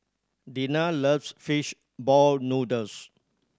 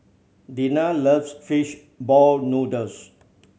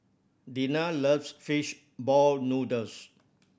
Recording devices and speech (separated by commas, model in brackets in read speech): standing microphone (AKG C214), mobile phone (Samsung C7100), boundary microphone (BM630), read sentence